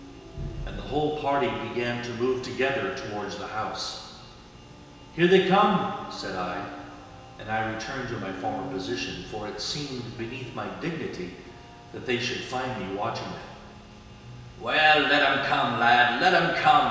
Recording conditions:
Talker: one person; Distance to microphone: 1.7 m; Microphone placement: close; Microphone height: 1.0 m; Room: very reverberant, large; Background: music

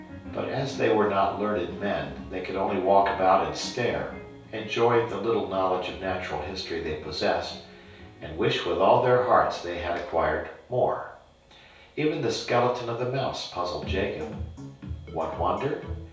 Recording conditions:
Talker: one person; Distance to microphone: 3.0 m; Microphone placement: far; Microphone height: 1.8 m; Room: small (3.7 m by 2.7 m); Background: music

